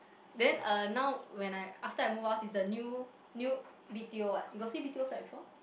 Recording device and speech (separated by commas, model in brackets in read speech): boundary microphone, conversation in the same room